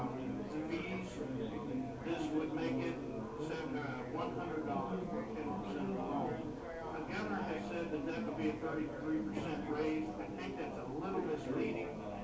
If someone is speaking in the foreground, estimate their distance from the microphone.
No main talker.